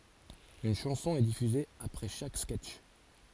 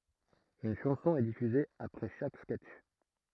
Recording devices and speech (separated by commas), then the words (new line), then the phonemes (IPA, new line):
forehead accelerometer, throat microphone, read sentence
Une chanson est diffusée après chaque sketch.
yn ʃɑ̃sɔ̃ ɛ difyze apʁɛ ʃak skɛtʃ